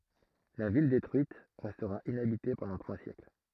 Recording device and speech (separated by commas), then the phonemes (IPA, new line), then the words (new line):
throat microphone, read sentence
la vil detʁyit ʁɛstʁa inabite pɑ̃dɑ̃ tʁwa sjɛkl
La ville détruite, restera inhabitée pendant trois siècles.